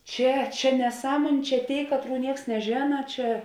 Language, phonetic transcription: Lithuanian, ˈčia ˈčia neˈsąmonė čia ˈtėi ˈkatˌrų ˈnieks neˈžėna ˈčia

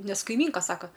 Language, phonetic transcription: Lithuanian, ˈnes kaiˈmynka ˈsaka

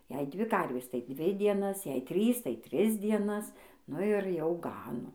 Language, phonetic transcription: Lithuanian, jei ˈdvi ˈkarvės tai ˈdvi dieˈnas jei ˈtrys tai ˈtris dieˈnas ˈnu ir ˈjau ˈgano

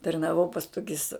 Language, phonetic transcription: Lithuanian, tarnaˈvau pas ˈtokis

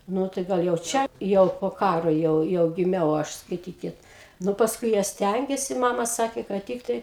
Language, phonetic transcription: Lithuanian, ˈnu tai ˈgal jau ˈčia ˈjau po ˈkaro ˈjau jau giˈmiau ˈaš skaiˈtykit ˈnu pasˈkui ˈjie ˈstængėsi ˈmama ˈsakė kad ˈtiktai

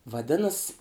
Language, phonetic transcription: Lithuanian, vaˈdinas

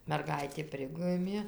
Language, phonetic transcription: Lithuanian, merˈgaitė ˈprigɨmė

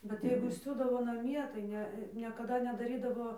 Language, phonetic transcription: Lithuanian, bet ˈjeigu ˈsiūdavo naˈmie tai ˈne nekaˈda nedaˈrydavo

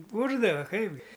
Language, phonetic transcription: Lithuanian, ˈbūrdava ˈkaipgi

